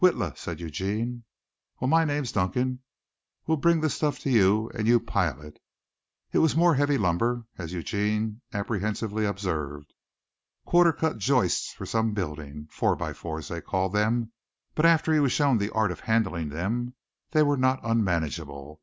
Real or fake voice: real